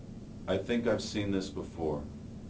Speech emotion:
sad